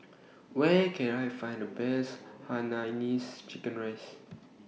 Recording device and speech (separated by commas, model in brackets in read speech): mobile phone (iPhone 6), read sentence